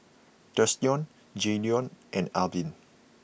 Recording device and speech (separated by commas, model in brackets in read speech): boundary microphone (BM630), read sentence